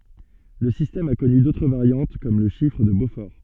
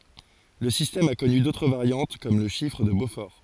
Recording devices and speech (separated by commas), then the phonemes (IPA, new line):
soft in-ear microphone, forehead accelerometer, read sentence
lə sistɛm a kɔny dotʁ vaʁjɑ̃t kɔm lə ʃifʁ də bofɔʁ